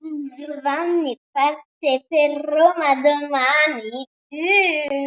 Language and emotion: Italian, disgusted